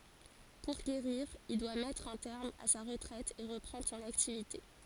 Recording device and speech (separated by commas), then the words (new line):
forehead accelerometer, read sentence
Pour guérir, il doit mettre un terme à sa retraite et reprendre son activité.